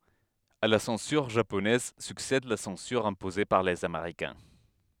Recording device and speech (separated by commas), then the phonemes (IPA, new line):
headset microphone, read sentence
a la sɑ̃syʁ ʒaponɛz syksɛd la sɑ̃syʁ ɛ̃poze paʁ lez ameʁikɛ̃